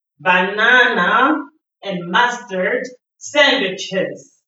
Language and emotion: English, disgusted